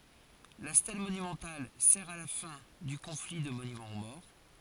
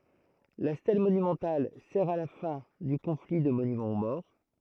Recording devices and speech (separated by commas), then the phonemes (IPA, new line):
forehead accelerometer, throat microphone, read sentence
la stɛl monymɑ̃tal sɛʁ a la fɛ̃ dy kɔ̃fli də monymɑ̃ o mɔʁ